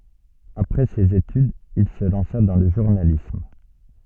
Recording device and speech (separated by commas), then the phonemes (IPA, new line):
soft in-ear microphone, read sentence
apʁɛ sez etydz il sə lɑ̃sa dɑ̃ lə ʒuʁnalism